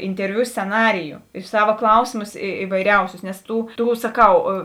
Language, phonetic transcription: Lithuanian, interˈviu sceˈnariju ir ˈsava ˈklausėmus i ivaiˈriausius nes ˈtų ˈtų saˈkau

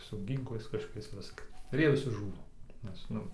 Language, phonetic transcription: Lithuanian, su ˈgynklais kažkoˈkiais ˈviska ir ˈjie viˈsi ˈžūna nes ˈnu

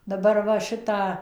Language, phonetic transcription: Lithuanian, daˈbar ˈva ˈšitą

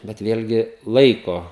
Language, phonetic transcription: Lithuanian, bet ˈvėlgi ˈlaiko

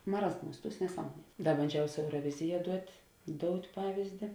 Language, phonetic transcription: Lithuanian, maˈrazˌmūs ˈtūs neˈsamuonie ˈda banˈdžiau su euroˈvizija ˈduot' ˈdout' ˈpavizdi

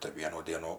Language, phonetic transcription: Lithuanian, tai ˈvienų ˈdienų

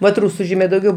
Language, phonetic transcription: Lithuanian, vat ˈrūsu ˈžymė dauˈgiau

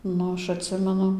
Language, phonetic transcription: Lithuanian, ˈnu ˈaš atˈsimenu

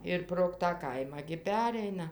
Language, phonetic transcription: Lithuanian, ir prog tą ˈkaimą gi ˈpereina

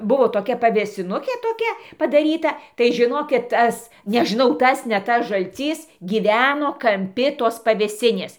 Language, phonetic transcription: Lithuanian, ˈbuvo toˈkia pavėsiˈnukė toˈkia padaˈryta tai žiˈnokit ˈtas nežiˈnau ˈtas ne ˈtas žalˈcys ˈgyveno kamˈpi tos pavėˈsinės

